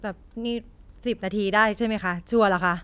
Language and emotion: Thai, neutral